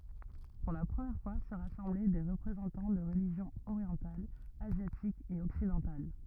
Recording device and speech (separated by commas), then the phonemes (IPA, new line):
rigid in-ear microphone, read sentence
puʁ la pʁəmjɛʁ fwa sə ʁasɑ̃blɛ de ʁəpʁezɑ̃tɑ̃ də ʁəliʒjɔ̃z oʁjɑ̃talz azjatikz e ɔksidɑ̃tal